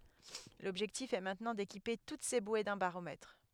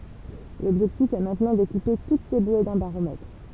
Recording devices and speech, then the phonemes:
headset microphone, temple vibration pickup, read sentence
lɔbʒɛktif ɛ mɛ̃tnɑ̃ dekipe tut se bwe dœ̃ baʁomɛtʁ

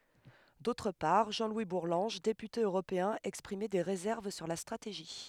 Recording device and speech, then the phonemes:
headset microphone, read sentence
dotʁ paʁ ʒɑ̃ lwi buʁlɑ̃ʒ depyte øʁopeɛ̃ ɛkspʁimɛ de ʁezɛʁv syʁ la stʁateʒi

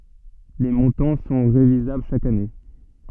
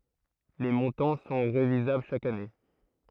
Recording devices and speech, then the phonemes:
soft in-ear microphone, throat microphone, read sentence
le mɔ̃tɑ̃ sɔ̃ ʁevizabl ʃak ane

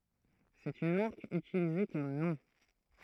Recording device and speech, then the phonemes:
throat microphone, read sentence
sɛt yn maʁk ytilize kɔm nɔ̃

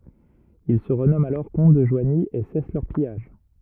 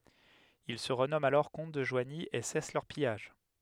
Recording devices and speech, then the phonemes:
rigid in-ear microphone, headset microphone, read sentence
il sə ʁənɔmɑ̃t alɔʁ kɔ̃t də ʒwaɲi e sɛs lœʁ pijaʒ

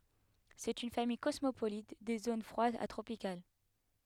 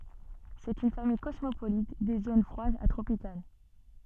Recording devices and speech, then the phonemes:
headset microphone, soft in-ear microphone, read sentence
sɛt yn famij kɔsmopolit de zon fʁwadz a tʁopikal

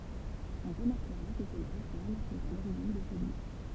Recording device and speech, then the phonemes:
temple vibration pickup, read sentence
ɔ̃ ʁəmaʁkəʁa kə sɛ la ʁefɔʁm ki ɛt a loʁiʒin də sə livʁ

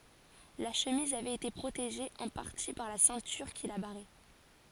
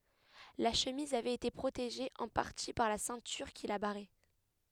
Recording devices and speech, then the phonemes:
forehead accelerometer, headset microphone, read sentence
la ʃəmiz avɛt ete pʁoteʒe ɑ̃ paʁti paʁ la sɛ̃tyʁ ki la baʁɛ

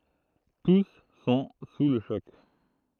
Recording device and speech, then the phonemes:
throat microphone, read sentence
tus sɔ̃ su lə ʃɔk

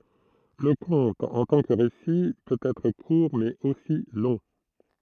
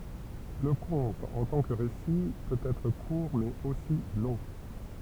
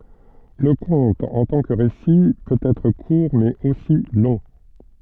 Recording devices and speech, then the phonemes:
throat microphone, temple vibration pickup, soft in-ear microphone, read sentence
lə kɔ̃t ɑ̃ tɑ̃ kə ʁesi pøt ɛtʁ kuʁ mɛz osi lɔ̃

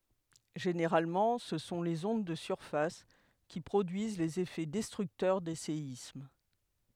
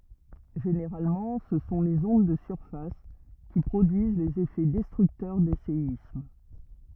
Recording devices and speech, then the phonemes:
headset microphone, rigid in-ear microphone, read sentence
ʒeneʁalmɑ̃ sə sɔ̃ lez ɔ̃d də syʁfas ki pʁodyiz lez efɛ dɛstʁyktœʁ de seism

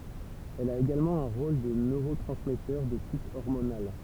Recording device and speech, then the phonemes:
temple vibration pickup, read sentence
ɛl a eɡalmɑ̃ œ̃ ʁol də nøʁotʁɑ̃smɛtœʁ də tip ɔʁmonal

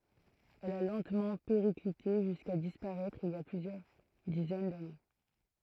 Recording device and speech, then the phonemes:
throat microphone, read sentence
ɛl a lɑ̃tmɑ̃ peʁiklite ʒyska dispaʁɛtʁ il i a plyzjœʁ dizɛn dane

